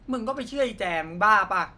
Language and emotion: Thai, frustrated